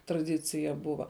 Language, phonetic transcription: Lithuanian, traˈdicija ˈbuva

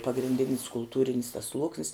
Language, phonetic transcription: Lithuanian, pagrinˈdinis kulˈtūrin's tas ˈsluoksnis

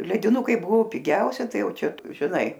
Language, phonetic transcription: Lithuanian, lediˈnukai ˈbuvo piˈgiausia ˈtai ˈjau ˈčia žiˈnai

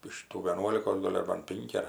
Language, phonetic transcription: Lithuanian, iš ˈtų vieˈnuolikos ˈgol' ar ˈban ˈpinki ar

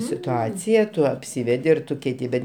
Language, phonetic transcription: Lithuanian, situˈacija ˈtu apˈsivedi ir ˈtu keiˈti ˈbet

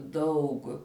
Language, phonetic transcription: Lithuanian, ˈdaug

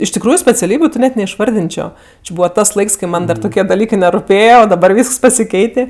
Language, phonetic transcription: Lithuanian, iš tikˈrųju speciaˈlybiu ti ˈnet neišˈvardinčio či ˈbūva ˈtas ˈlaiks kai ˈman ˈdar ˈtukie daˈlykɜ neruˈpėja o daˈbar ˈvysks pasiˈkeitė

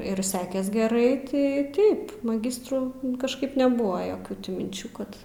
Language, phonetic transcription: Lithuanian, ir ˈsekes geˈrai ˈtai ˈtaip maˈgistrų kažˈkaip neˈbuvo ˈjokių ti minˈčių ˈkad

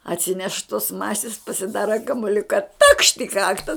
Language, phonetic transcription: Lithuanian, atˈsineš tos ˈmasis pasiˈdara kamuˈliuka takšt i ˈkakta

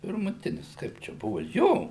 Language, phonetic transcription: Lithuanian, pirmuˈtinis ˈkaip čia ˈbuvu ˈjo

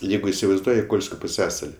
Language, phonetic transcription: Lithuanian, ˈjeigu isivaizˈduoji ˈkolskio puˈsiasali

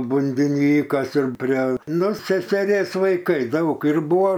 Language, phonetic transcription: Lithuanian, bundiˈnykas ir prie ˈnu seseˈrės vaiˈkai ˈdaug ir ˈbuvo

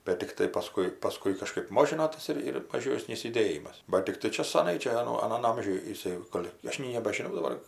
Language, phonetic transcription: Lithuanian, bet tikˈtai paˈskui paˈskui kaˈžkɜp ˈmožino ˈtas ir ir maˈžiosnys juˈdėjimas bat tikˈtai ˈčia saˈnai ˈčia aˈno aˈnan ˈamžiuj jiˈsai ˈgol' ˈaš nei nebažiˈnau daˈbar

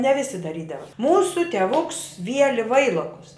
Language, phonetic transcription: Lithuanian, ne ˈvisi daˈrydava ˈmūsu teˈvuks ˈvieli ˈvailokus

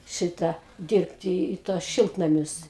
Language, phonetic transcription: Lithuanian, ˈšitą ˈdirbti i ˈtuos ˈšiltnamius

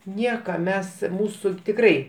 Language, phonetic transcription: Lithuanian, ˈnieka ˈmes ˈmūsu tikˈrai

